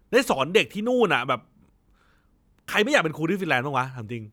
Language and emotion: Thai, angry